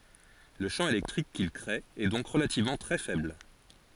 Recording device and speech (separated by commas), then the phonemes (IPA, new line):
forehead accelerometer, read sentence
lə ʃɑ̃ elɛktʁik kil kʁee ɛ dɔ̃k ʁəlativmɑ̃ tʁɛ fɛbl